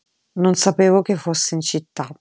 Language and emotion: Italian, neutral